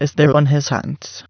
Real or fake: fake